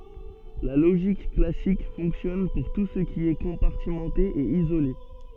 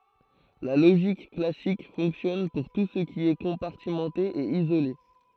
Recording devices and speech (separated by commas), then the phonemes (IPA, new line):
soft in-ear microphone, throat microphone, read sentence
la loʒik klasik fɔ̃ksjɔn puʁ tu sə ki ɛ kɔ̃paʁtimɑ̃te e izole